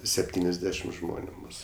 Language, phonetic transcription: Lithuanian, sepˈtyniasˌdešim ˈžmoniu ˈmūsu

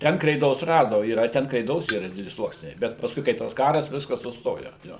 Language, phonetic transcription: Lithuanian, ˈten kreiˈdos ˈrado yˈra ˈten kreiˈdos ˈyra ˈdideli ˈsluoksniai ˈbet pasˈkui kai ˈtas ˈkaras ˈviskas suˈstojo jo

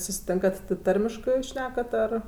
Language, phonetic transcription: Lithuanian, susiˈtėnkat ti ˈtarmiškɜ jūs ˈšnekat ar

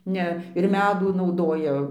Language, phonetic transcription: Lithuanian, ˈne ir ˈmedų nauˈdoja

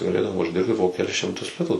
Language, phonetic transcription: Lithuanian, gaˈlėdavo užˈdirbti po keˈlis šimˈtus ˈlitų

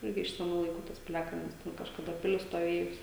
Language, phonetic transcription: Lithuanian, ˈirgi iš seˈnų laiˈkų ˈtas piˈliakalnis ˈten kažkaˈda ˈpilis stoˈvėjus

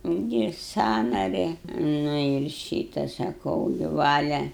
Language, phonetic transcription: Lithuanian, inˈdėja ˈsąnari nu ir ˈšyta saˈkau gi ˈvalia

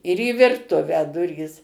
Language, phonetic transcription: Lithuanian, ir į virˈtuvę ˈdurys

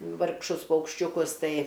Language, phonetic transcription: Lithuanian, vargˈšus paukščiuˈkus ˈtai

